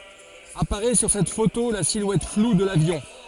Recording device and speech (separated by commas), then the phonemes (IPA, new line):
forehead accelerometer, read sentence
apaʁɛ syʁ sɛt foto la silwɛt flu də lavjɔ̃